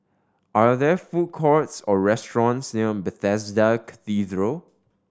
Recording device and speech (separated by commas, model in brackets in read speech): standing microphone (AKG C214), read sentence